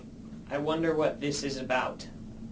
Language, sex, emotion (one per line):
English
male
neutral